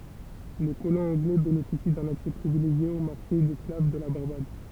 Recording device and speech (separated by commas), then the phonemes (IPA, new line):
temple vibration pickup, read sentence
le kolɔ̃z ɑ̃ɡlɛ benefisi dœ̃n aksɛ pʁivileʒje o maʁʃe dɛsklav də la baʁbad